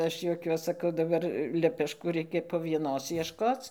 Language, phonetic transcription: Lithuanian, ˈaš juoˈkiuos saˈkau daˈbar lepešˈkų ˈreikia po vieˈnos ˈieškoc

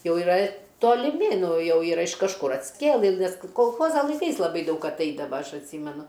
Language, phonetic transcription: Lithuanian, ˈjau yˈra toliˈmi ˈnu ˈjau ˈyra iš kažˈkur atskˈėlɨ nes kolˈchoza laiˈkais laˈbai ˈdaug atˈaidava ˈaš atˈsymenu

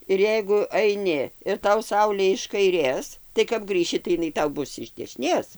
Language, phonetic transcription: Lithuanian, ir ˈjeigu aiˈni ir ˈtau ˈsaulė iš kaiˈrės tai kap ˈgrįši tai iˈnai ˈtau ˈbus iš dešiˈnės

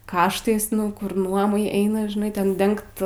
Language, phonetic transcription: Lithuanian, ˈkaštais nu ˈkur ˈnuomai ˈeina žiˈnai ˈten ˈdengt

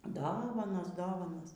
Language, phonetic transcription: Lithuanian, ˈdovanos ˈdovanos

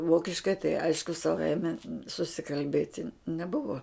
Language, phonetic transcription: Lithuanian, ˈvokiškai tai ˈaišku saˈvaime susikalˈbėti neˈbuvo

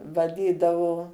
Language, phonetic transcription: Lithuanian, vaˈdydavo

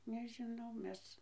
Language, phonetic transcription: Lithuanian, nežiˈnau ˈmes

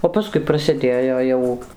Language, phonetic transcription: Lithuanian, o paˈskui prasiˈdėjo ˈjau

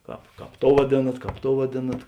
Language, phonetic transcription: Lithuanian, ˈkāp ˈkāp ˈtou vaˈdėnat ˈkāp ˈtou vaˈdėnat

